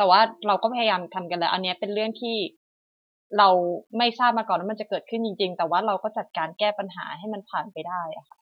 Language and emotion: Thai, sad